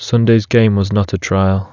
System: none